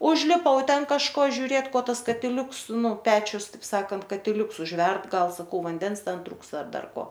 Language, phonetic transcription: Lithuanian, užliˈpau ˈten kažˈko žiuˈrėt ˈko ˈtas katiˈliuks ˈnu ˈpečius ˈtaip ˈsakant katiˈliuks užˈverd ˈgal saˈkau vanˈdens ˈten ˈtruksta ˈar ˈdar ˈko

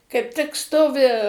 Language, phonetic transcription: Lithuanian, kaip ˈtik ˈstovi

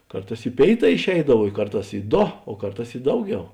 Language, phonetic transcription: Lithuanian, ˈkarˌtās i ˈpėiˌtā išˈeidav i ˈkarˌtās i ˈdo o ˈkarˌtās i ˈdauˌgiau

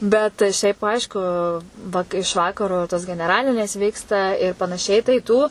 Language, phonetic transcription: Lithuanian, bet ˈšiaip ˈaišku va iš ˈvakaro tos geneˈralinės ˈvyksta ir panaˈšiai tai ˈtų

